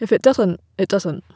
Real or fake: real